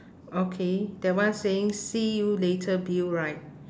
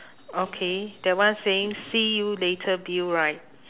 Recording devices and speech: standing microphone, telephone, conversation in separate rooms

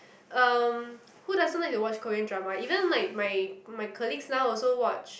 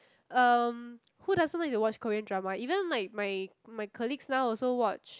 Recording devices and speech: boundary microphone, close-talking microphone, conversation in the same room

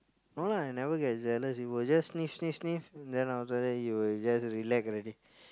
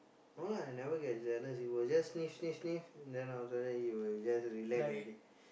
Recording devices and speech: close-talking microphone, boundary microphone, conversation in the same room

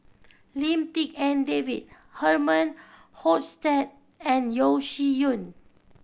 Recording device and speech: boundary microphone (BM630), read sentence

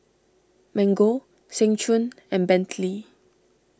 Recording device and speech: standing microphone (AKG C214), read sentence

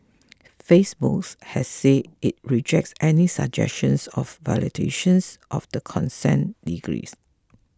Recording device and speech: close-talking microphone (WH20), read sentence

